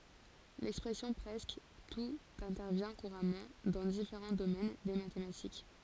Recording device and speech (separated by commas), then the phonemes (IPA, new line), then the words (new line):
forehead accelerometer, read sentence
lɛkspʁɛsjɔ̃ pʁɛskə tut ɛ̃tɛʁvjɛ̃ kuʁamɑ̃ dɑ̃ difeʁɑ̃ domɛn de matematik
L'expression presque tout intervient couramment dans différents domaines des mathématiques.